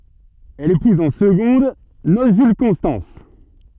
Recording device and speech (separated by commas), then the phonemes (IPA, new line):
soft in-ear microphone, read sentence
ɛl epuz ɑ̃ səɡɔ̃d nos ʒyl kɔ̃stɑ̃s